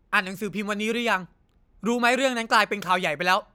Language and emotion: Thai, frustrated